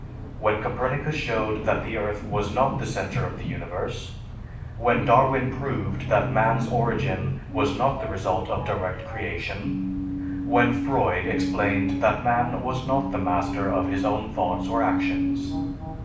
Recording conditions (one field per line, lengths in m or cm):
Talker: one person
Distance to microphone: 5.8 m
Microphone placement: far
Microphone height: 1.8 m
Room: medium-sized (5.7 m by 4.0 m)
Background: television